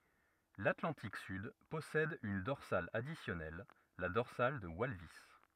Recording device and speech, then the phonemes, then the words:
rigid in-ear microphone, read sentence
latlɑ̃tik syd pɔsɛd yn dɔʁsal adisjɔnɛl la dɔʁsal də walvis
L'Atlantique sud possède une dorsale additionnelle, la dorsale de Walvis.

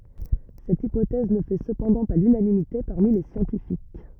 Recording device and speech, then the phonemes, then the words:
rigid in-ear microphone, read sentence
sɛt ipotɛz nə fɛ səpɑ̃dɑ̃ pa lynanimite paʁmi le sjɑ̃tifik
Cette hypothèse ne fait cependant pas l'unanimité parmi les scientifiques.

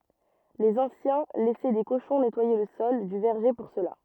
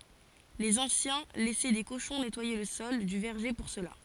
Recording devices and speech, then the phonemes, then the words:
rigid in-ear microphone, forehead accelerometer, read sentence
lez ɑ̃sjɛ̃ lɛsɛ de koʃɔ̃ nɛtwaje lə sɔl dy vɛʁʒe puʁ səla
Les anciens laissaient des cochons nettoyer le sol du verger pour cela.

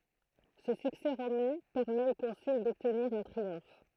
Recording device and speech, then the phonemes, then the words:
throat microphone, read sentence
sə syksɛ ʁomɛ̃ pɛʁmɛt o kɔ̃syl dɔbtniʁ œ̃ tʁiɔ̃f
Ce succès romain permet au consul d'obtenir un triomphe.

